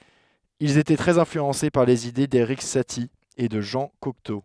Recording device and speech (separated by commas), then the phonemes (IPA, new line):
headset microphone, read sentence
ilz etɛ tʁɛz ɛ̃flyɑ̃se paʁ lez ide deʁik sati e də ʒɑ̃ kɔkto